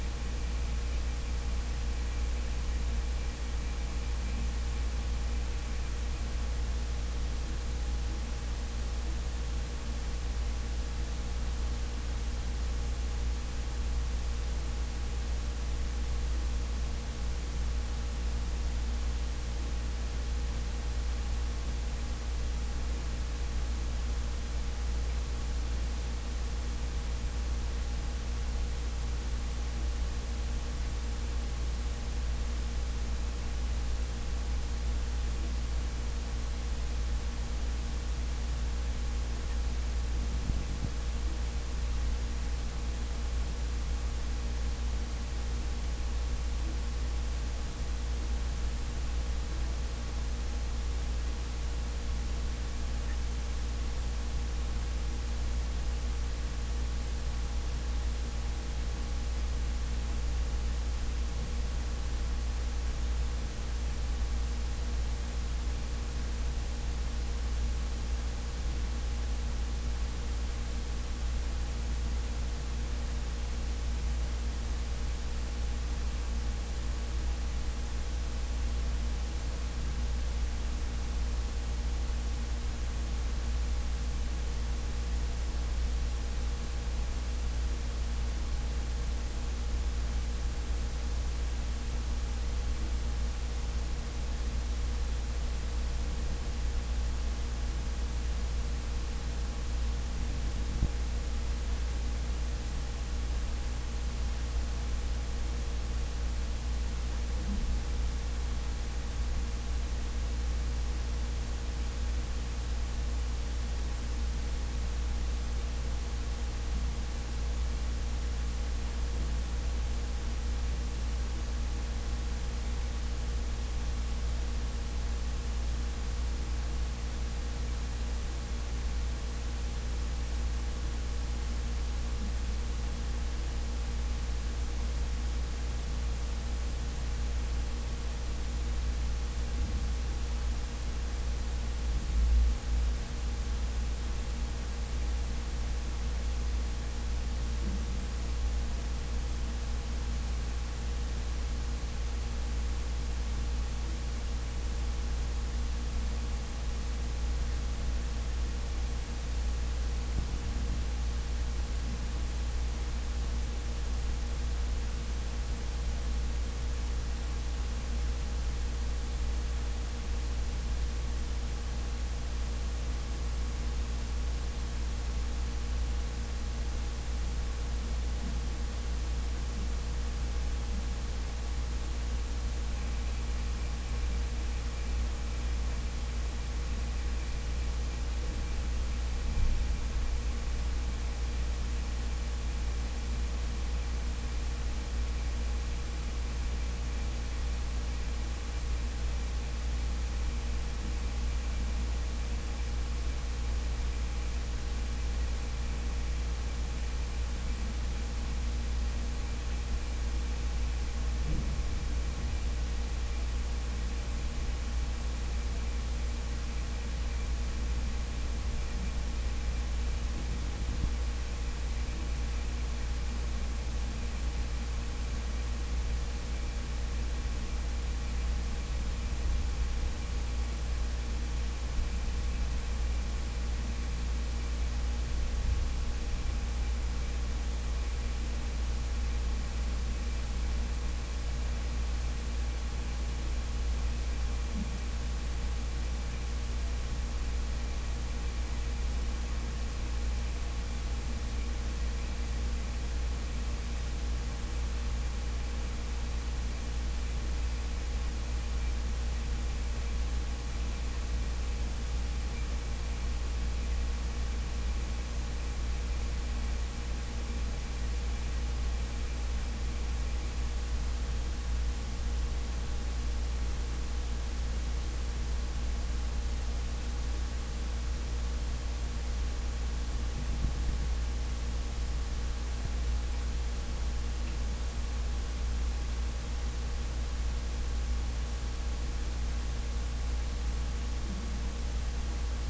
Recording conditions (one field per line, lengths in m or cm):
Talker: no one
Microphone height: 1.1 m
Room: very reverberant, large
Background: none